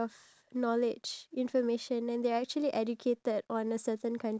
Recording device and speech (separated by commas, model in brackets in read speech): standing microphone, conversation in separate rooms